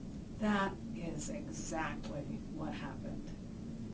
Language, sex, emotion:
English, female, disgusted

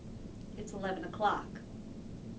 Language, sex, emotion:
English, female, neutral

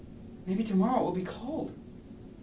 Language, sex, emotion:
English, male, neutral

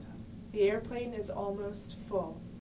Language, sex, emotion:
English, female, neutral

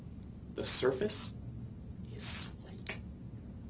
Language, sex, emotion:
English, male, neutral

